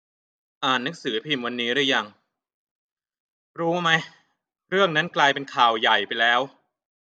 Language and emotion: Thai, frustrated